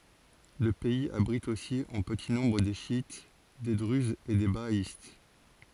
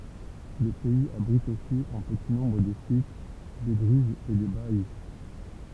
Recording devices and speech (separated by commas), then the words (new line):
forehead accelerometer, temple vibration pickup, read sentence
Le pays abrite aussi en petit nombre des chiites, des druzes et des bahaïstes.